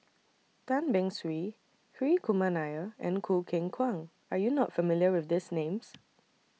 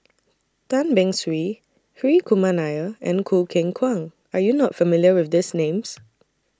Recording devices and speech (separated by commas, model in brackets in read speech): mobile phone (iPhone 6), standing microphone (AKG C214), read sentence